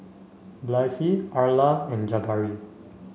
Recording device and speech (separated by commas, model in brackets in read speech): mobile phone (Samsung C5), read sentence